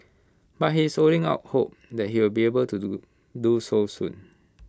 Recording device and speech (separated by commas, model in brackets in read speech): close-talking microphone (WH20), read sentence